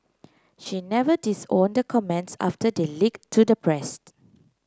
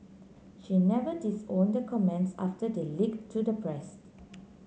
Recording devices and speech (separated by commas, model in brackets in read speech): close-talking microphone (WH30), mobile phone (Samsung C9), read sentence